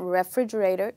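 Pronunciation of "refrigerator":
'Refrigerator' is pronounced incorrectly here: the first part is said as 're'.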